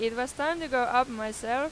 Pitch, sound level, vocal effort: 250 Hz, 95 dB SPL, loud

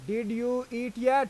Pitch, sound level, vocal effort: 245 Hz, 96 dB SPL, loud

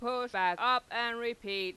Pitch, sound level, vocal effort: 235 Hz, 98 dB SPL, loud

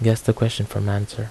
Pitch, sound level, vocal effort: 110 Hz, 74 dB SPL, soft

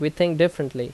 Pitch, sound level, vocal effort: 150 Hz, 83 dB SPL, loud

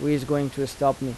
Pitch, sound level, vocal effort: 140 Hz, 84 dB SPL, normal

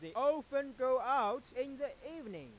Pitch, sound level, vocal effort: 270 Hz, 105 dB SPL, very loud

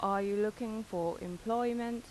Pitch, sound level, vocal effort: 215 Hz, 85 dB SPL, normal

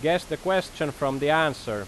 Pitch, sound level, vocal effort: 155 Hz, 93 dB SPL, very loud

